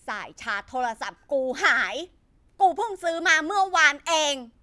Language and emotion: Thai, angry